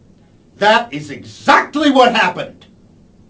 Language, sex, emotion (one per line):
English
male
angry